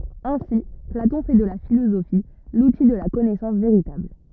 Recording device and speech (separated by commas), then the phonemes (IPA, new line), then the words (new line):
rigid in-ear microphone, read sentence
ɛ̃si platɔ̃ fɛ də la filozofi luti də la kɔnɛsɑ̃s veʁitabl
Ainsi Platon fait de la philosophie l'outil de la connaissance véritable.